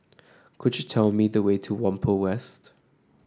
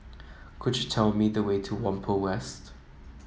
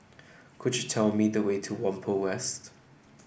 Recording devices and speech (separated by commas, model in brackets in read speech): standing microphone (AKG C214), mobile phone (iPhone 7), boundary microphone (BM630), read sentence